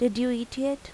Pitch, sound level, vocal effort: 245 Hz, 82 dB SPL, normal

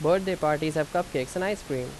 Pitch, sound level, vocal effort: 155 Hz, 87 dB SPL, loud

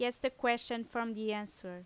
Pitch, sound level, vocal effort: 235 Hz, 87 dB SPL, loud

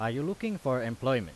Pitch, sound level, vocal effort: 130 Hz, 90 dB SPL, loud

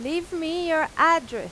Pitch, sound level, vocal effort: 330 Hz, 95 dB SPL, very loud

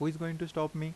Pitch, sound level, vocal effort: 160 Hz, 83 dB SPL, normal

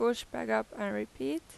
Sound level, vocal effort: 87 dB SPL, normal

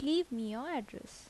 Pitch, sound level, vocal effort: 270 Hz, 78 dB SPL, soft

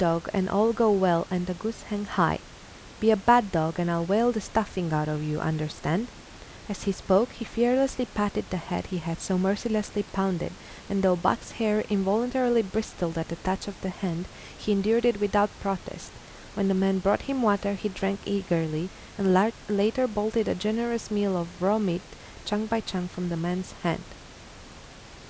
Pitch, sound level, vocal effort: 200 Hz, 82 dB SPL, soft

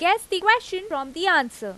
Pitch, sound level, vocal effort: 375 Hz, 95 dB SPL, very loud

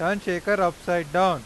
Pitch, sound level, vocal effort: 180 Hz, 98 dB SPL, very loud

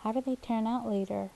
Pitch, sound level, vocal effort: 225 Hz, 76 dB SPL, soft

